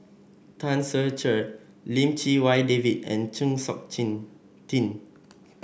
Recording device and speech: boundary microphone (BM630), read sentence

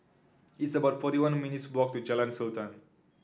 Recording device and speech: standing microphone (AKG C214), read sentence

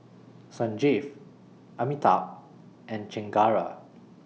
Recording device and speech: mobile phone (iPhone 6), read sentence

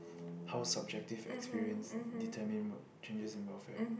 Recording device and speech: boundary microphone, conversation in the same room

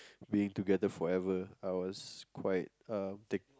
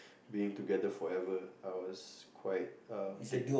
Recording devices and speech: close-talking microphone, boundary microphone, conversation in the same room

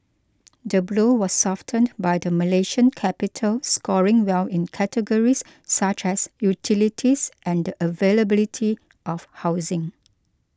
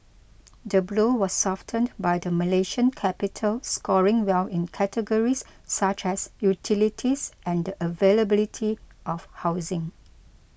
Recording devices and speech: close-talking microphone (WH20), boundary microphone (BM630), read sentence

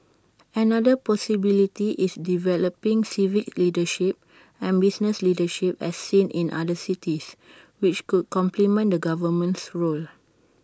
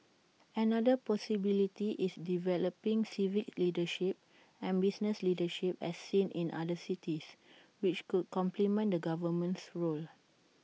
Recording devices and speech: standing microphone (AKG C214), mobile phone (iPhone 6), read sentence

